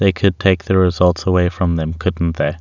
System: none